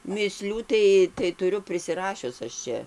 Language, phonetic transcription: Lithuanian, mįˈslių tai tai tuˈriu prisiˈrašius aš ˈčia

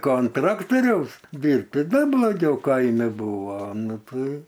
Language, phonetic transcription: Lithuanian, ˈko an ˈtraktoriaus ˈdyrbt ti ˈdar bloˈgiau ˈkaime ˈbūvo ˈnu ˈtai

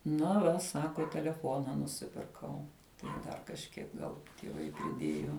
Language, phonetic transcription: Lithuanian, na ˈva ˈsako teleˈfona nuˈsipirkau tai ˈva dar kažˈkiek ˈgal tieˈvai priˈdėju

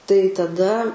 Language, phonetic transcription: Lithuanian, tai taˈda

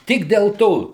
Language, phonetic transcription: Lithuanian, ˈtik del ˈto

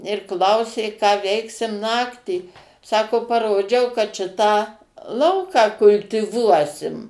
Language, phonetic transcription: Lithuanian, ir ˈklausė ką ˈveiksim ˈnaktį ˈsako paˈrodžiau kad ˈšitą ˈlauką kultiˈvuosim

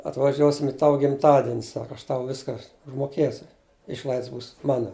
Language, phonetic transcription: Lithuanian, atvaˈžiuosim i ˈtavu gimˈtadin' ˈsaka aš tau ˈviska užmoˈkėsiu ˈišlaids būs ˈmano

